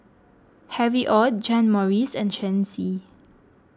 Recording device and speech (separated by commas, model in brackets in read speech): close-talking microphone (WH20), read sentence